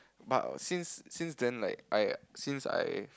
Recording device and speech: close-talking microphone, conversation in the same room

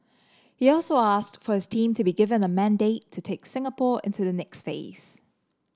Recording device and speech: standing microphone (AKG C214), read sentence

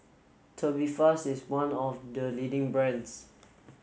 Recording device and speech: mobile phone (Samsung S8), read sentence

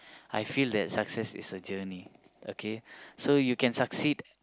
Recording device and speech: close-talking microphone, conversation in the same room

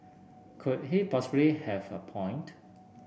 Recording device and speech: boundary microphone (BM630), read sentence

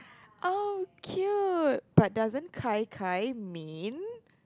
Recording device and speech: close-talking microphone, conversation in the same room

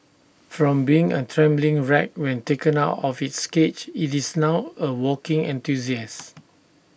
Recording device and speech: boundary microphone (BM630), read sentence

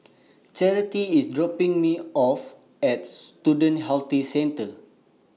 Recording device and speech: mobile phone (iPhone 6), read sentence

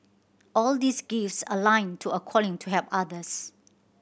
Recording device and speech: boundary microphone (BM630), read sentence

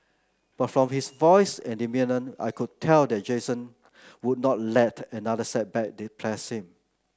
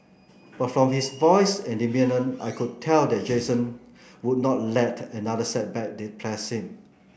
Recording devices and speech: close-talking microphone (WH30), boundary microphone (BM630), read sentence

